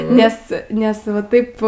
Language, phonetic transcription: Lithuanian, ˈnes ˈnes va ˈtaip

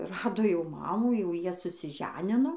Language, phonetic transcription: Lithuanian, ˈrado jau ˈmamų jau ˈjie susiˈženino

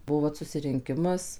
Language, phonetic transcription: Lithuanian, ˈbuo vat susirinˈkimas

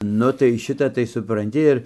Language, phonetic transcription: Lithuanian, ˈnu tai ˈšita tai supranˈti ir

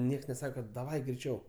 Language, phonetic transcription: Lithuanian, ˈnieks neˈsaka kad daˈvai greiˈčiau

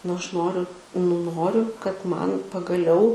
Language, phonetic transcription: Lithuanian, nu ˈaš ˈnoriu nu ˈnoriu kad ˈman pagaˈliau

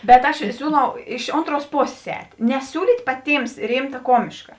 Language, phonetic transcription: Lithuanian, bet ˈaš ˈsiūˌlau iš ˈontˌruos ˈposės ˈēt' neˈsiūlyt' paˈtyms ˈrimta ˈkomiška

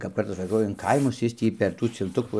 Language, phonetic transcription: Lithuanian, kap ˈkartas saˈkau in ˈkaimus ˈjis tį per ˈtų cilˈtukų

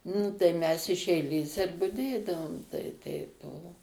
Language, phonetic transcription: Lithuanian, nu tai mes iš eiˈlės ir buˈdėdavom tai ˈteip ˈbuvo

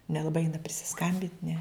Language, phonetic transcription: Lithuanian, nelaˈbai ˈeina prisiˈskambint' ne

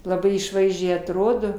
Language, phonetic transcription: Lithuanian, laˈbai išˈvaizdžiai atˈrodo

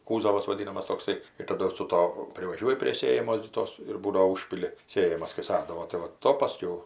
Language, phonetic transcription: Lithuanian, ˈkūzavas vaˈdynamas tokˈsai ir taˈdu su ˈto privaˈžiuoji prie ˈsėjamos gi ˈtos ir ˈbūdo ˈužpili ˈsėjamas kai ˈsadavo tai va ˈto paˈskiau

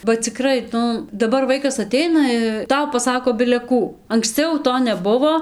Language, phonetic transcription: Lithuanian, ba ciˈkrai ˈnu daˈbar ˈvaikas aˈteina ˈtau paˈsako bile ˈkų anksˈciau ˈto neˈbuvo

